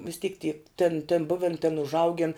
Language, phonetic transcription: Lithuanian, vis ˈtyk ty tėn tėn ˈbuven tėn užˈaugin

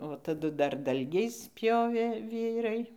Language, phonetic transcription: Lithuanian, taˈdu dar ˈdalgiais ˈpjovė ˈvyrai

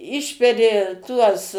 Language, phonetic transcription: Lithuanian, ˈišperi ˈtuos

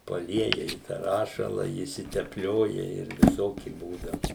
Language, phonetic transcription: Lithuanian, paˈlieja i tą ˈrašala išsitepˈlioja ˈir viˈsoki ˈbūdau

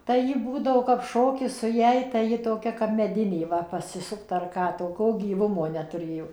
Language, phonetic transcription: Lithuanian, tai ˈji ˈbūdavo kap ˈšokis su ˈjąj tai ˈji toˈkia kap meˈdinė ˈva pasiˈsupt ar ˈką toˈkio gyˈvumo netuˈrėjo

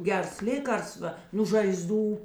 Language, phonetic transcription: Lithuanian, ˈgers ˈlėkarsva nū žaiˈzdų

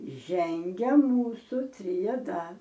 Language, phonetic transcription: Lithuanian, ˈžengia ˈmūsu triaˈda

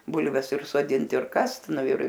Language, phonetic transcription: Lithuanian, ˈbulves ir soˈdint ir ˈkast ˈnu ir

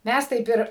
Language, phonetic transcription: Lithuanian, ˈmæs ˈtaip ir

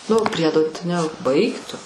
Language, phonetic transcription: Lithuanian, nu ˈpriedo ne ˈbaik tu

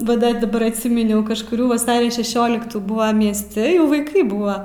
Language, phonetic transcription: Lithuanian, va ˈda daˈbar atˈsyminiau kažkuˈrių vaˈsario šeˈšioliktų ˈbūvam miesˈti jau vaiˈkai ˈbūva

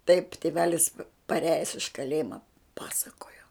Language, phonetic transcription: Lithuanian, taip tėˈvelis paˈrejes iš kaˈlėjima ˈpasakojo

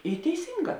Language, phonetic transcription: Lithuanian, i teiˈsynˌgā

